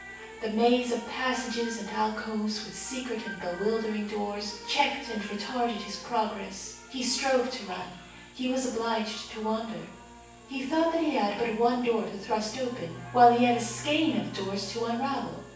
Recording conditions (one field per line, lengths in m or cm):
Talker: one person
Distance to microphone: 9.8 m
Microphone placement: far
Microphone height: 1.8 m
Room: large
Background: television